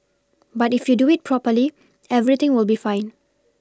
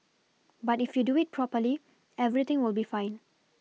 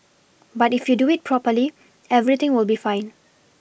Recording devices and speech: standing microphone (AKG C214), mobile phone (iPhone 6), boundary microphone (BM630), read sentence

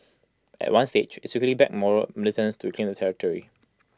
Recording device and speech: close-talking microphone (WH20), read sentence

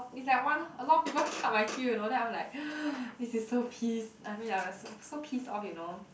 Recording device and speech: boundary microphone, conversation in the same room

